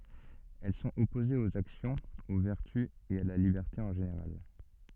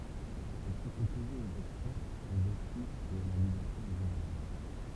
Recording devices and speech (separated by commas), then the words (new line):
soft in-ear microphone, temple vibration pickup, read sentence
Elles sont opposées aux actions, aux vertus et à la liberté en général.